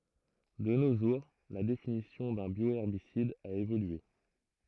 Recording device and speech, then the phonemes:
throat microphone, read sentence
də no ʒuʁ la definisjɔ̃ dœ̃ bjoɛʁbisid a evolye

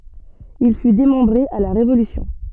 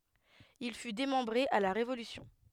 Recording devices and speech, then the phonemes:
soft in-ear microphone, headset microphone, read sentence
il fy demɑ̃bʁe a la ʁevolysjɔ̃

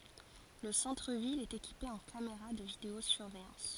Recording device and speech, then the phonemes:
forehead accelerometer, read sentence
lə sɑ̃tʁ vil ɛt ekipe ɑ̃ kameʁa də video syʁvɛjɑ̃s

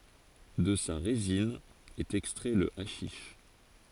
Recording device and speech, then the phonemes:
forehead accelerometer, read sentence
də sa ʁezin ɛt ɛkstʁɛ lə aʃiʃ

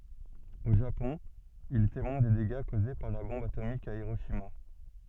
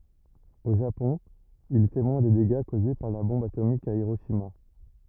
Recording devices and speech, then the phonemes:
soft in-ear microphone, rigid in-ear microphone, read sentence
o ʒapɔ̃ il ɛ temwɛ̃ de deɡa koze paʁ la bɔ̃b atomik a iʁoʃima

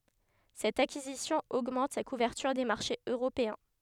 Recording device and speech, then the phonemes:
headset microphone, read sentence
sɛt akizisjɔ̃ oɡmɑ̃t sa kuvɛʁtyʁ de maʁʃez øʁopeɛ̃

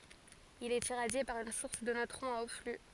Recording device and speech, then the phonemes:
forehead accelerometer, read sentence
il ɛt iʁadje paʁ yn suʁs də nøtʁɔ̃z a o fly

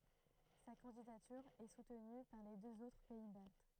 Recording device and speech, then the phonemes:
throat microphone, read sentence
sa kɑ̃didatyʁ ɛ sutny paʁ le døz otʁ pɛi balt

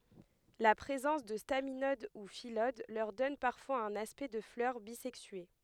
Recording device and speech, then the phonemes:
headset microphone, read sentence
la pʁezɑ̃s də staminod u filod lœʁ dɔn paʁfwaz œ̃n aspɛkt də flœʁ bizɛksye

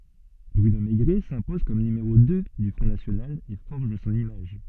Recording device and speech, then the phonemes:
soft in-ear microphone, read sentence
bʁyno meɡʁɛ sɛ̃pɔz kɔm nymeʁo dø dy fʁɔ̃ nasjonal e fɔʁʒ sɔ̃n imaʒ

